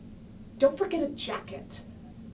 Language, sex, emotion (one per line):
English
female
disgusted